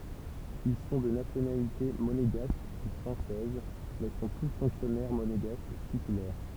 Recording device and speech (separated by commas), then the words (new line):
temple vibration pickup, read sentence
Ils sont de nationalité monégasque ou française, mais sont tous fonctionnaires monégasques titulaires.